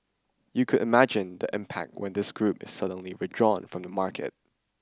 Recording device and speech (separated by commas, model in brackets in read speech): standing microphone (AKG C214), read sentence